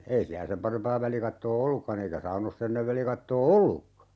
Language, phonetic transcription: Finnish, 'ei siä "sem parempaa 'välikattoo "ollukka'n ‿eikä 'saunos's ‿ennev 'välikattoo "ollukka !
- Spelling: ei siellä sen parempaa välikattoa ollutkaan eikä saunoissa ennen välikattoa ollutkaan

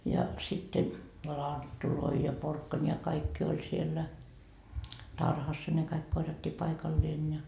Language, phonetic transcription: Finnish, ja , sitte , "lanttuloi ja porkkańi ja 'kaikki oĺ siellä , 'tarhassa ne kaik 'korjattii 'paikalleen ja .
- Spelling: ja sitten lanttuja ja porkkanoita ja kaikki oli siellä tarhassa ne kaikki korjattiin paikalleen ja

